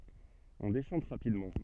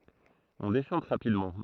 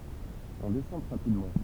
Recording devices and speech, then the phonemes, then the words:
soft in-ear microphone, throat microphone, temple vibration pickup, read sentence
ɔ̃ deʃɑ̃t ʁapidmɑ̃
On déchante rapidement.

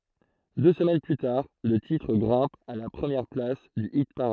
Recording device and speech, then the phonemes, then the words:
throat microphone, read sentence
dø səmɛn ply taʁ lə titʁ ɡʁɛ̃p a la pʁəmjɛʁ plas dy ipaʁad
Deux semaines plus tard, le titre grimpe à la première place du hit-parade.

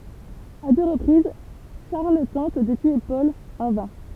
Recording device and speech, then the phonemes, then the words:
temple vibration pickup, read sentence
a dø ʁəpʁiz ʃaʁl tɑ̃t də tye pɔl ɑ̃ vɛ̃
À deux reprises, Charles tente de tuer Paul – en vain.

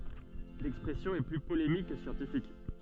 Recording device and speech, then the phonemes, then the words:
soft in-ear microphone, read sentence
lɛkspʁɛsjɔ̃ ɛ ply polemik kə sjɑ̃tifik
L'expression est plus polémique que scientifique.

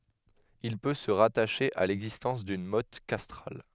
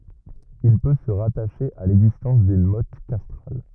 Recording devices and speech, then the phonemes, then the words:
headset microphone, rigid in-ear microphone, read sentence
il pø sə ʁataʃe a lɛɡzistɑ̃s dyn mɔt kastʁal
Il peut se rattacher à l’existence d’une motte castrale.

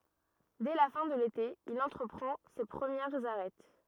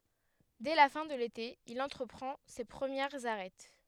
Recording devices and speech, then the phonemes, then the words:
rigid in-ear microphone, headset microphone, read sentence
dɛ la fɛ̃ də lete il ɑ̃tʁəpʁɑ̃ se pʁəmjɛʁz aʁɛt
Dès la fin de l'été, il entreprend ses premières Arêtes.

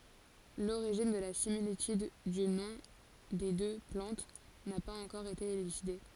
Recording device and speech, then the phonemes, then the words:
forehead accelerometer, read sentence
loʁiʒin də la similityd dy nɔ̃ de dø plɑ̃t na paz ɑ̃kɔʁ ete elyside
L'origine de la similitude du nom des deux plantes n'a pas encore été élucidée.

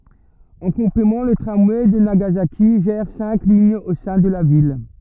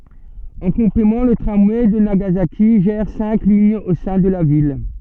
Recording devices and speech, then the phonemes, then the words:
rigid in-ear microphone, soft in-ear microphone, read sentence
ɑ̃ kɔ̃plemɑ̃ lə tʁamwɛ də naɡazaki ʒɛʁ sɛ̃k liɲz o sɛ̃ də la vil
En complément, le tramway de Nagasaki gère cinq lignes au sein de la ville.

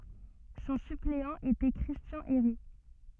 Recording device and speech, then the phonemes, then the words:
soft in-ear microphone, read sentence
sɔ̃ sypleɑ̃ etɛ kʁistjɑ̃ eʁi
Son suppléant était Christian Héry.

